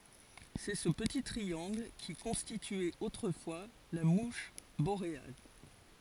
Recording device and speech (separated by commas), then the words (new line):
forehead accelerometer, read sentence
C'est ce petit triangle qui constituait autrefois la mouche boréale.